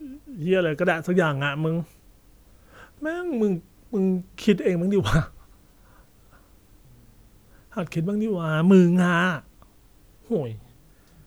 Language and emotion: Thai, frustrated